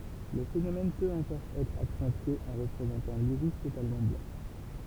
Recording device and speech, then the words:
temple vibration pickup, read sentence
Le phénomène peut encore être accentué en représentant l'iris totalement blanc.

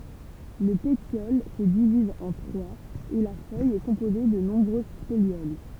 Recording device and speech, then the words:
temple vibration pickup, read sentence
Le pétiole se divise en trois et la feuille est composée de nombreuses folioles.

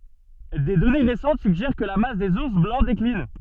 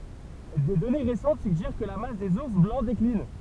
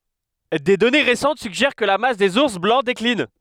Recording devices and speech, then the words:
soft in-ear microphone, temple vibration pickup, headset microphone, read sentence
Des données récentes suggèrent que la masse des ours blancs décline.

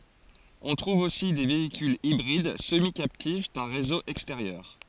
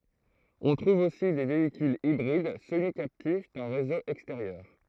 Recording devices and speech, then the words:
forehead accelerometer, throat microphone, read sentence
On trouve aussi des véhicules hybrides semi-captifs d'un réseau extérieur.

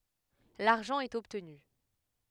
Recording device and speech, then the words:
headset microphone, read sentence
L'argent est obtenu.

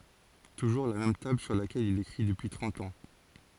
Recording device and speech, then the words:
forehead accelerometer, read sentence
Toujours la même table sur laquelle il écrit depuis trente ans.

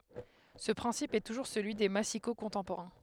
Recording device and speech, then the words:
headset microphone, read sentence
Ce principe est toujours celui des massicots contemporains.

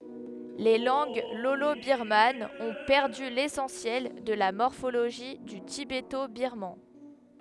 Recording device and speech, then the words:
headset microphone, read sentence
Les langues lolo-birmanes ont perdu l'essentiel de la morphologie du tibéto-birman.

